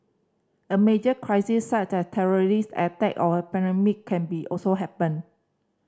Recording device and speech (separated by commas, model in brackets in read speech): standing microphone (AKG C214), read sentence